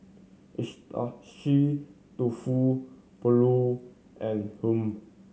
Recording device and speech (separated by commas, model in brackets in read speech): mobile phone (Samsung C7100), read sentence